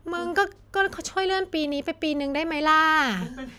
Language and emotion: Thai, frustrated